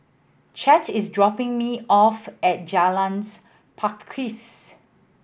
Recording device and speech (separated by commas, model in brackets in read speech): boundary microphone (BM630), read sentence